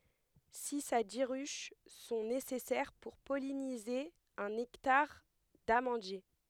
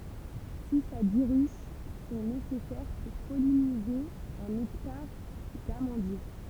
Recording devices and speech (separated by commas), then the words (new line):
headset microphone, temple vibration pickup, read sentence
Six à dix ruches sont nécessaires pour polliniser un hectare d’amandiers.